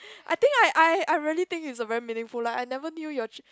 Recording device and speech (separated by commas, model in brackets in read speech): close-talking microphone, conversation in the same room